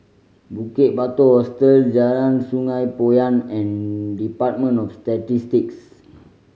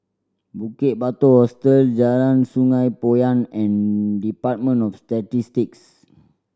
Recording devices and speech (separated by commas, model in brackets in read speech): mobile phone (Samsung C5010), standing microphone (AKG C214), read sentence